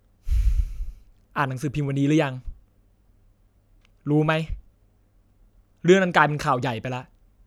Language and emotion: Thai, frustrated